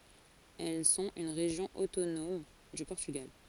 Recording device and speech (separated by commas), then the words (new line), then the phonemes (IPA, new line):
forehead accelerometer, read sentence
Elles sont une région autonome du Portugal.
ɛl sɔ̃t yn ʁeʒjɔ̃ otonɔm dy pɔʁtyɡal